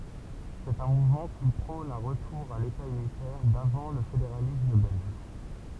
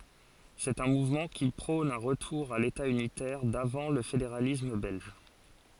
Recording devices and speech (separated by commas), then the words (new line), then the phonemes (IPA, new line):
temple vibration pickup, forehead accelerometer, read sentence
C'est un mouvement qui prône un retour à l'État unitaire d'avant le fédéralisme belge.
sɛt œ̃ muvmɑ̃ ki pʁɔ̃n œ̃ ʁətuʁ a leta ynitɛʁ davɑ̃ lə fedeʁalism bɛlʒ